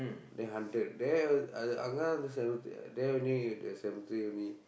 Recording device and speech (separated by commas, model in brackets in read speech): boundary microphone, conversation in the same room